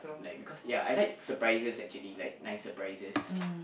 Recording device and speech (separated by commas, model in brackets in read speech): boundary microphone, conversation in the same room